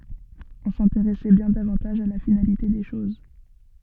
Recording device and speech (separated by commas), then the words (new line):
soft in-ear microphone, read sentence
On s'intéressait bien davantage à la finalité des choses.